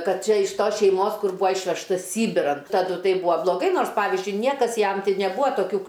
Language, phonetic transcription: Lithuanian, ˈkad ˈčia iš ˈtos šeiˈmos ˈkur ˈbūa ˈišvežtas ˈsybiran taˈdu ˈtai ˈbūa bloˈgai ˈnors ˈpavizdžiui ˈniekas ˈjam ˈtai neˈbūa toˈkių

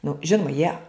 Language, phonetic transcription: Lithuanian, nu ˈžinuma jie

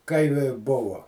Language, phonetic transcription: Lithuanian, ˈkai vi ˈbuvo

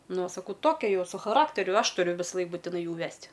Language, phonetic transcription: Lithuanian, ˈnu o saˈkau ˈtokia ˈjau su chaˈrakteriu ˈaš ˈturiu visaˈlaik būtiˈnai ˈjų ˈvest'

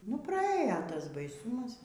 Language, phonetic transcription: Lithuanian, nu praˈėjo ˈtas baiˈsūmas

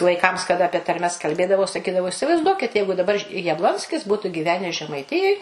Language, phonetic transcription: Lithuanian, vaiˈkams kaˈda apie tarˈmes kalˈbėdavau saˈkydavau isivaizˈduokit ˈjeigu daˈbar jabˈlonskis ˈbūtu gyˈvenes žemaiˈtijoj

